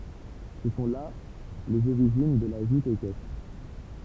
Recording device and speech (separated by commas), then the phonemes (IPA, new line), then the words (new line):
temple vibration pickup, read sentence
sə sɔ̃ la lez oʁiʒin də la ʒut ekɛstʁ
Ce sont là les origines de la joute équestre.